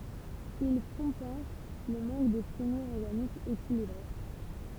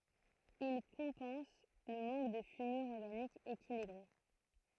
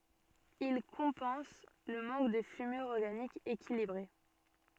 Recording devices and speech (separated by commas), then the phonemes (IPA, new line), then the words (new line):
temple vibration pickup, throat microphone, soft in-ear microphone, read sentence
il kɔ̃pɑ̃s lə mɑ̃k də fymyʁ ɔʁɡanik ekilibʁe
Ils compensent le manque de fumure organique équilibrée.